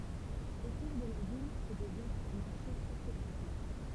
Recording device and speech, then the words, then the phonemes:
temple vibration pickup, read sentence
Autour de la ville se développe un marché très fréquenté.
otuʁ də la vil sə devlɔp œ̃ maʁʃe tʁɛ fʁekɑ̃te

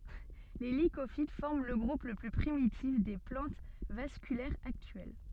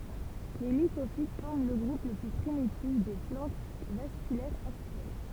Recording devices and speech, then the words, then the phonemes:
soft in-ear microphone, temple vibration pickup, read sentence
Les Lycophytes forment le groupe le plus primitif des plantes vasculaires actuelles.
le likofit fɔʁm lə ɡʁup lə ply pʁimitif de plɑ̃t vaskylɛʁz aktyɛl

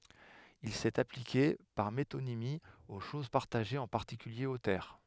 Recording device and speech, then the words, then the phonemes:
headset microphone, read sentence
Il s'est appliqué, par métonymie, aux choses partagées, en particulier aux terres.
il sɛt aplike paʁ metonimi o ʃoz paʁtaʒez ɑ̃ paʁtikylje o tɛʁ

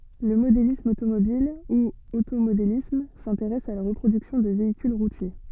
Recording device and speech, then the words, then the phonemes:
soft in-ear microphone, read sentence
Le modélisme automobile ou automodélisme s'intéresse à la reproduction de véhicules routiers.
lə modelism otomobil u otomodelism sɛ̃teʁɛs a la ʁəpʁodyksjɔ̃ də veikyl ʁutje

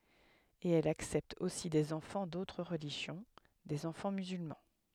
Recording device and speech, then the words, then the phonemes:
headset microphone, read sentence
Et elles acceptent aussi des enfants d'autres religions, des enfants musulmans.
e ɛlz aksɛptt osi dez ɑ̃fɑ̃ dotʁ ʁəliʒjɔ̃ dez ɑ̃fɑ̃ myzylmɑ̃

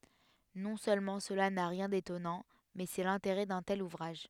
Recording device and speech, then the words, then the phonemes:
headset microphone, read sentence
Non seulement cela n’a rien d’étonnant, mais c’est l’intérêt d’un tel ouvrage.
nɔ̃ sølmɑ̃ səla na ʁjɛ̃ detɔnɑ̃ mɛ sɛ lɛ̃teʁɛ dœ̃ tɛl uvʁaʒ

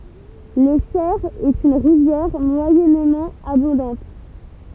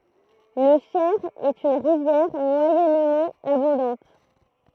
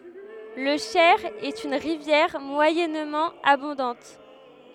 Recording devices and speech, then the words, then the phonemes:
temple vibration pickup, throat microphone, headset microphone, read sentence
Le Cher est une rivière moyennement abondante.
lə ʃɛʁ ɛt yn ʁivjɛʁ mwajɛnmɑ̃ abɔ̃dɑ̃t

